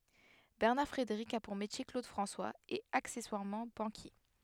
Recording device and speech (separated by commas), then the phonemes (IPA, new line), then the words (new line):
headset microphone, read sentence
bɛʁnaʁ fʁedeʁik a puʁ metje klod fʁɑ̃swaz e aksɛswaʁmɑ̃ bɑ̃kje
Bernard Frédéric a pour métier Claude François… et accessoirement, banquier.